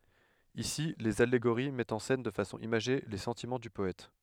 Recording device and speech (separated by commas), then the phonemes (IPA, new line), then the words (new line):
headset microphone, read sentence
isi lez aleɡoʁi mɛtt ɑ̃ sɛn də fasɔ̃ imaʒe le sɑ̃timɑ̃ dy pɔɛt
Ici, les allégories mettent en scène de façon imagée les sentiments du poète.